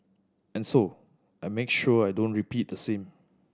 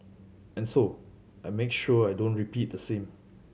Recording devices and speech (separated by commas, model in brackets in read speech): standing microphone (AKG C214), mobile phone (Samsung C7100), read sentence